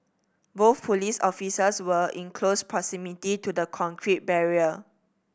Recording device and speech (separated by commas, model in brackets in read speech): boundary microphone (BM630), read sentence